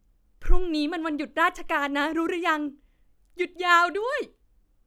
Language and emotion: Thai, happy